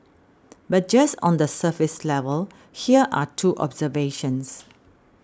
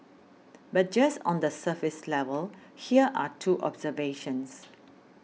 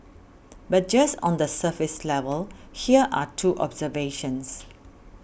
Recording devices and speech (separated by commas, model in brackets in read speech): standing microphone (AKG C214), mobile phone (iPhone 6), boundary microphone (BM630), read sentence